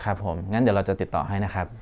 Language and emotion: Thai, neutral